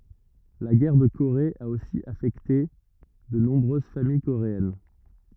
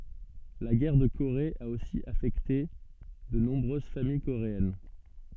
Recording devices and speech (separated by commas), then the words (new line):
rigid in-ear microphone, soft in-ear microphone, read sentence
La guerre de Corée a aussi affecté de nombreuses familles coréennes.